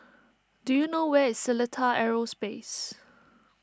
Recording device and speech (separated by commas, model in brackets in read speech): standing microphone (AKG C214), read sentence